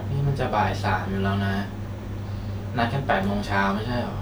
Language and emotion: Thai, frustrated